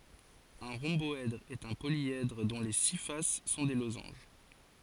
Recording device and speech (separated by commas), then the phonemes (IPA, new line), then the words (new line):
forehead accelerometer, read sentence
œ̃ ʁɔ̃bɔɛdʁ ɛt œ̃ poljɛdʁ dɔ̃ le si fas sɔ̃ de lozɑ̃ʒ
Un rhomboèdre est un polyèdre dont les six faces sont des losanges.